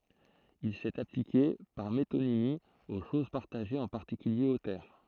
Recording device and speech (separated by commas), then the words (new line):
throat microphone, read sentence
Il s'est appliqué, par métonymie, aux choses partagées, en particulier aux terres.